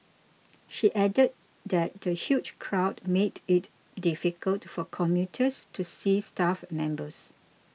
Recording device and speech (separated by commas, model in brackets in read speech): mobile phone (iPhone 6), read sentence